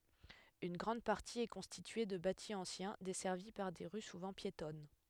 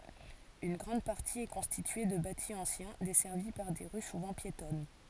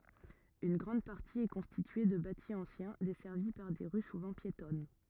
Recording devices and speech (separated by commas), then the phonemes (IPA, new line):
headset microphone, forehead accelerometer, rigid in-ear microphone, read sentence
yn ɡʁɑ̃d paʁti ɛ kɔ̃stitye də bati ɑ̃sjɛ̃ dɛsɛʁvi paʁ de ʁy suvɑ̃ pjetɔn